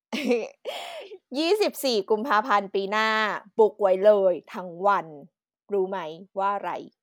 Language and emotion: Thai, happy